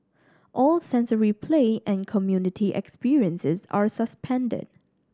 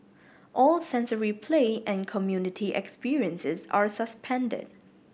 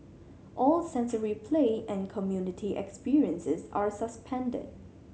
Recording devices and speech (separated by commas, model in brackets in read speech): standing microphone (AKG C214), boundary microphone (BM630), mobile phone (Samsung C7100), read sentence